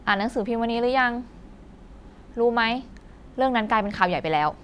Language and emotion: Thai, frustrated